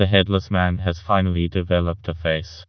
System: TTS, vocoder